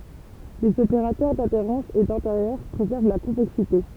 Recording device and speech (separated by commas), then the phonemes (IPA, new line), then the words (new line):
temple vibration pickup, read sentence
lez opeʁatœʁ dadeʁɑ̃s e dɛ̃teʁjœʁ pʁezɛʁv la kɔ̃vɛksite
Les opérateurs d'adhérence et d'intérieur préservent la convexité.